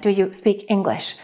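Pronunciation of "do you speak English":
'Do you speak English' is said with the words cut apart, so the k of 'speak' is not connected to 'English'. This is the worse-sounding way of saying it.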